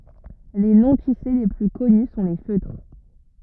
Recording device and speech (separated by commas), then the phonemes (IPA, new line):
rigid in-ear microphone, read sentence
le nɔ̃tise le ply kɔny sɔ̃ le føtʁ